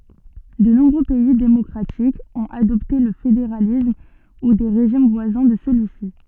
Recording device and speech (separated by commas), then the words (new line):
soft in-ear microphone, read sentence
De nombreux pays démocratiques ont adopté le fédéralisme ou des régimes voisins de celui-ci.